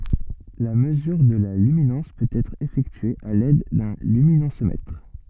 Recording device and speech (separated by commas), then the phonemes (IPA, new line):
soft in-ear microphone, read sentence
la məzyʁ də la lyminɑ̃s pøt ɛtʁ efɛktye a lɛd dœ̃ lyminɑ̃smɛtʁ